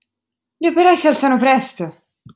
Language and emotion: Italian, angry